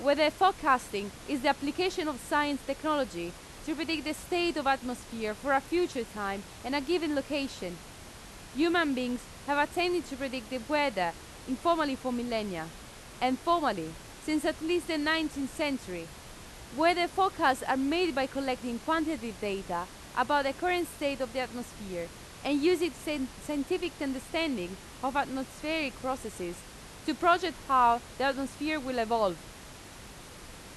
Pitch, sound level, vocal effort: 275 Hz, 90 dB SPL, very loud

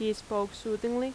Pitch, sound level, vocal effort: 215 Hz, 84 dB SPL, loud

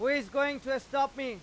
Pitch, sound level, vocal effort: 275 Hz, 103 dB SPL, very loud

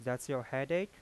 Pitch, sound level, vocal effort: 135 Hz, 88 dB SPL, soft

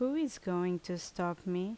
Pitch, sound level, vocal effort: 180 Hz, 79 dB SPL, normal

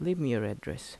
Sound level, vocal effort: 79 dB SPL, soft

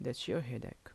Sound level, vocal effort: 76 dB SPL, soft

